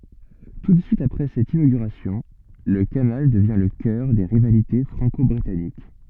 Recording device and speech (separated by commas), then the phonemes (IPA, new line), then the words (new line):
soft in-ear microphone, read sentence
tu də syit apʁɛ sɛt inoɡyʁasjɔ̃ lə kanal dəvjɛ̃ lə kœʁ de ʁivalite fʁɑ̃kɔbʁitanik
Tout de suite après cette inauguration, le canal devient le cœur des rivalités franco-britanniques.